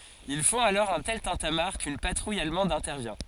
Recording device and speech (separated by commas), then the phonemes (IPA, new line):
forehead accelerometer, read sentence
il fɔ̃t alɔʁ œ̃ tɛl tɛ̃tamaʁ kyn patʁuj almɑ̃d ɛ̃tɛʁvjɛ̃